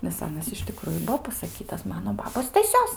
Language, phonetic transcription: Lithuanian, nes ˈanas iš tiˈkruju ˈbuo pasaˈkytas ˈmano ˈbabos staˈsios

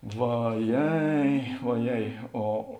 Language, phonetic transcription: Lithuanian, vaˈjei oˈjei o

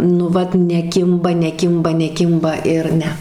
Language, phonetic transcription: Lithuanian, nu ˈvat neˈkimba neˈkimba neˈkimba ir ˈne

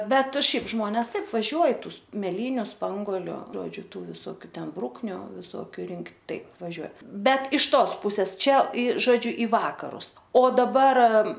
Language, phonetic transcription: Lithuanian, ˈbet ˈšiaip ˈžmones ˈtaip vaˈžiuoj ˈtų meˈlyniu ˈspangoliu ˈžodžiu ˈtų visoˈkių ˈten ˈbrukniu viˈsokiu ˈrinkt' ˈtaip vaˈžiuo ˈbet iš ˈtos ˈpuses ˈčia į žoˈdžiu į ˈvakarus o daˈbar

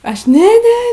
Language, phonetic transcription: Lithuanian, ˈaš ˈne ˈne

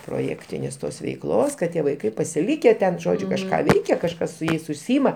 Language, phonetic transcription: Lithuanian, proˈjektinės ˈtos veikˈlos kad ˈtie vaiˈkai pasiˈlyke ten ˈžodžiu kažˈką ˈveikia kažˈkas su ˈjais užˈsyima

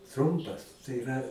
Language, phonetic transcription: Lithuanian, ˈtrumpas tai iˈra

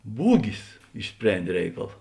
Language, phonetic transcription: Lithuanian, ˈbūgis išˈsprendė ˈreikal

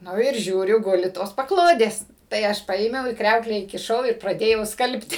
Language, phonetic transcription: Lithuanian, ˈnu ir ˈžiūriu ˈguli tos paˈklodės tai ˈaš ˈpaėmiau į ˈkriauklę įkiˈšau ir praˈdėjau ˈskalbti

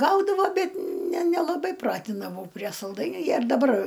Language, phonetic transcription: Lithuanian, ˈgaudavo ˈbet ne ˈnelabai ˈpratindavau prie salˈdainių ˈjie ir daˈbar

